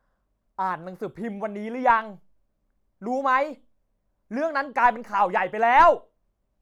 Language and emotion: Thai, angry